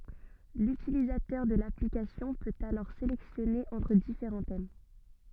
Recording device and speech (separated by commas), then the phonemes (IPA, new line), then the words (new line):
soft in-ear microphone, read sentence
lytilizatœʁ də laplikasjɔ̃ pøt alɔʁ selɛksjɔne ɑ̃tʁ difeʁɑ̃ tɛm
L'utilisateur de l'application peut alors sélectionner entre différents thèmes.